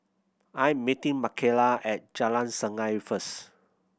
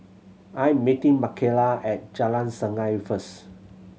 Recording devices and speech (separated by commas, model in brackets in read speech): boundary microphone (BM630), mobile phone (Samsung C7100), read sentence